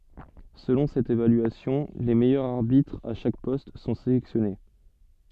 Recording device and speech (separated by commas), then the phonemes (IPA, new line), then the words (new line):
soft in-ear microphone, read sentence
səlɔ̃ sɛt evalyasjɔ̃ le mɛjœʁz aʁbitʁz a ʃak pɔst sɔ̃ selɛksjɔne
Selon cette évaluation, les meilleurs arbitres à chaque poste sont sélectionnés.